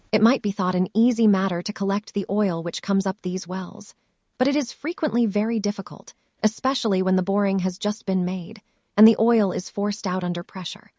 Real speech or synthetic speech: synthetic